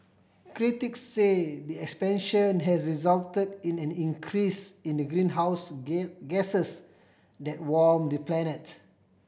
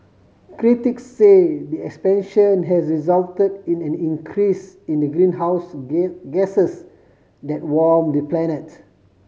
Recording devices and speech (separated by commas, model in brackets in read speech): boundary microphone (BM630), mobile phone (Samsung C5010), read sentence